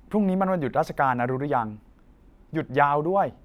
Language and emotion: Thai, frustrated